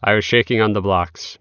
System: none